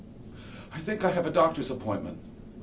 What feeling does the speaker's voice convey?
neutral